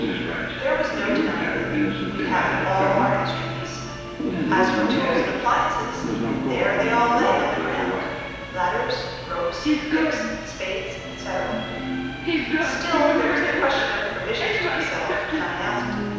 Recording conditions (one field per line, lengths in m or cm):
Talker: one person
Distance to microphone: 7.1 m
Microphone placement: far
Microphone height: 1.7 m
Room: very reverberant, large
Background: television